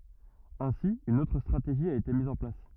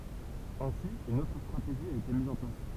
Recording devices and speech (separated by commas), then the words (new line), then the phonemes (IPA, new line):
rigid in-ear microphone, temple vibration pickup, read sentence
Ainsi une autre stratégie a été mise en place.
ɛ̃si yn otʁ stʁateʒi a ete miz ɑ̃ plas